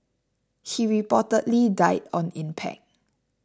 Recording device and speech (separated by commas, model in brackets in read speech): standing microphone (AKG C214), read sentence